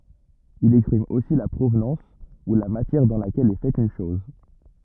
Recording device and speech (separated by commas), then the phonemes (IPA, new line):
rigid in-ear microphone, read sentence
il ɛkspʁim osi la pʁovnɑ̃s u la matjɛʁ dɑ̃ lakɛl ɛ fɛt yn ʃɔz